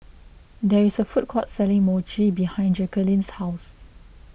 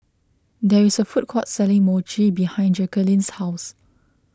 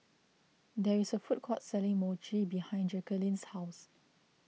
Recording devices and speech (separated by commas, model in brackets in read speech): boundary microphone (BM630), close-talking microphone (WH20), mobile phone (iPhone 6), read sentence